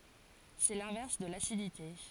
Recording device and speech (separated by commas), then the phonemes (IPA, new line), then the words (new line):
forehead accelerometer, read sentence
sɛ lɛ̃vɛʁs də lasidite
C'est l'inverse de l'acidité.